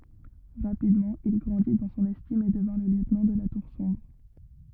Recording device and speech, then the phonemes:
rigid in-ear microphone, read sentence
ʁapidmɑ̃ il ɡʁɑ̃di dɑ̃ sɔ̃n ɛstim e dəvɛ̃ lə ljøtnɑ̃ də la tuʁ sɔ̃bʁ

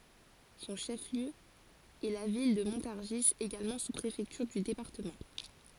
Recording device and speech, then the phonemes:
forehead accelerometer, read sentence
sɔ̃ ʃəfliø ɛ la vil də mɔ̃taʁʒi eɡalmɑ̃ suspʁefɛktyʁ dy depaʁtəmɑ̃

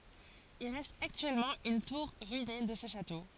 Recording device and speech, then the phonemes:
forehead accelerometer, read sentence
il ʁɛst aktyɛlmɑ̃ yn tuʁ ʁyine də sə ʃato

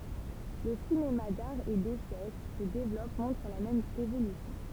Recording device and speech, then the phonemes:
temple vibration pickup, read sentence
lə sinema daʁ e desɛ ki sə devlɔp mɔ̃tʁ la mɛm evolysjɔ̃

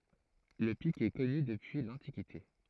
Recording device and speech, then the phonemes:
throat microphone, read sentence
lə pik ɛ kɔny dəpyi lɑ̃tikite

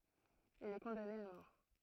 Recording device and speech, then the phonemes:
throat microphone, read sentence
il ɛ kɔ̃dane a mɔʁ

